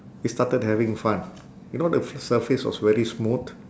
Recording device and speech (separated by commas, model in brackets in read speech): standing microphone, conversation in separate rooms